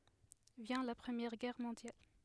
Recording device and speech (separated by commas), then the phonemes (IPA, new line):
headset microphone, read sentence
vjɛ̃ la pʁəmjɛʁ ɡɛʁ mɔ̃djal